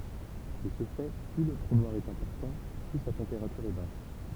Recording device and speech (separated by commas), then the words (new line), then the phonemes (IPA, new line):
temple vibration pickup, read sentence
De ce fait, plus le trou noir est important, plus sa température est basse.
də sə fɛ ply lə tʁu nwaʁ ɛt ɛ̃pɔʁtɑ̃ ply sa tɑ̃peʁatyʁ ɛ bas